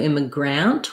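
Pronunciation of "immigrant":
'Immigrant' is pronounced incorrectly here: the last syllable has a full A vowel instead of a reduced vowel.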